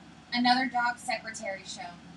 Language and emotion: English, neutral